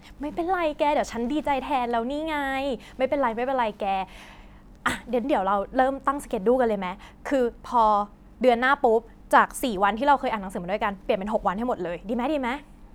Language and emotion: Thai, happy